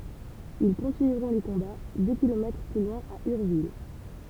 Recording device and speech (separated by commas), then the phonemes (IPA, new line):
temple vibration pickup, read sentence
il kɔ̃tinyʁɔ̃ le kɔ̃ba dø kilomɛtʁ ply lwɛ̃ a yʁvil